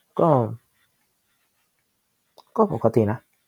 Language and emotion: Thai, neutral